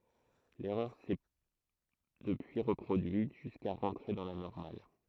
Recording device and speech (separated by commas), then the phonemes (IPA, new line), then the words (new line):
throat microphone, read sentence
lɛʁœʁ sɛ dəpyi ʁəpʁodyit ʒyska ʁɑ̃tʁe dɑ̃ la nɔʁmal
L'erreur s'est depuis reproduite, jusqu'à rentrer dans la normale.